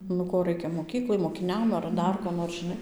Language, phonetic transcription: Lithuanian, nu ˈko ˈraikia moˈkyklai mokiˈniam ar ˈdar ko nor žiˈnai

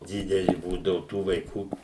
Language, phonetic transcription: Lithuanian, ˈdideli ˈbūdavu ˈtų vaiˈkų

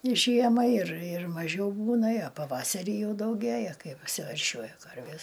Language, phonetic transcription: Lithuanian, ˈžiema ir ir maˈžiau ˈbūna a ˈpavasarį ˈjau dauˈgėja ˈkai apsiverˈšiuoja ˈkarvės

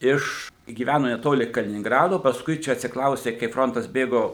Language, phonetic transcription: Lithuanian, ˈiš gyˈvæno neˈtoli kaliningˈrado pasˈkui ˈčia atsikˈraustė kaip ˈfrontas ˈbėgo

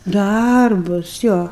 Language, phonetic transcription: Lithuanian, ˈdarbus ˈjo

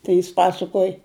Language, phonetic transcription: Lithuanian, ˈtai jis ˈpasakuoj

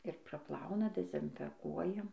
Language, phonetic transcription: Lithuanian, ir praˈplauna dezinfeˈkuoja

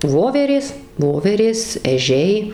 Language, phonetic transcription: Lithuanian, ˈvoverės ˈvoverės eˈžiai

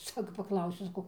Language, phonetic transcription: Lithuanian, ˈsako paˈklausiu saˈkau

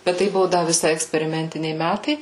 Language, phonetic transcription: Lithuanian, bet ˈtai ˈbuvo ˈda viˈsai eksperiˈmentiniai ˈmætai

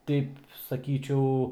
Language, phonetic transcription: Lithuanian, ˈteip saˈkyčiau

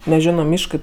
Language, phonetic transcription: Lithuanian, neˈženo ˈmiškɜ

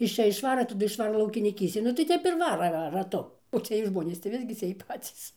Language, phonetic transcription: Lithuanian, iš ˈčia išˈvara taˈdu išˈvara laukiniˈkystėn nu tai ˈtep ir ˈvara ra raˈtu o ˈciej ˈžmonės tai ˈvisgi ciej ˈpacys

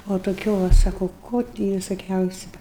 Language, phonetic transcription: Lithuanian, o toˈkių va ˈsako ˈko ti visoˈkiausiu

